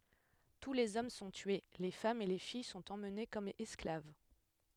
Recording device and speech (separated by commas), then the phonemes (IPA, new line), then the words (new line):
headset microphone, read sentence
tu lez ɔm sɔ̃ tye le famz e le fij sɔ̃t emne kɔm ɛsklav
Tous les hommes sont tués, les femmes et les filles sont emmenées comme esclaves.